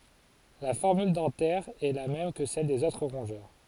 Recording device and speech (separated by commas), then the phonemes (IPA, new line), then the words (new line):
forehead accelerometer, read sentence
la fɔʁmyl dɑ̃tɛʁ ɛ la mɛm kə sɛl dez otʁ ʁɔ̃ʒœʁ
La formule dentaire est la même que celle des autres rongeurs.